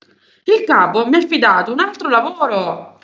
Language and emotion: Italian, angry